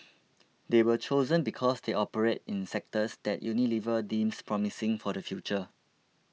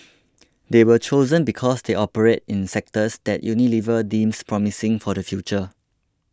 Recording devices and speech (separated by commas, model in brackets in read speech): mobile phone (iPhone 6), close-talking microphone (WH20), read sentence